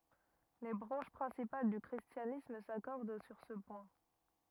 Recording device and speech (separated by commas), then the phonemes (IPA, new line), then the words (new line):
rigid in-ear microphone, read sentence
le bʁɑ̃ʃ pʁɛ̃sipal dy kʁistjanism sakɔʁd syʁ sə pwɛ̃
Les branches principales du christianisme s'accordent sur ce point.